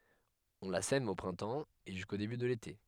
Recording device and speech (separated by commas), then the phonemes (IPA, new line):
headset microphone, read sentence
ɔ̃ la sɛm o pʁɛ̃tɑ̃ e ʒysko deby də lete